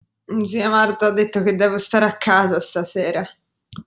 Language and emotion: Italian, sad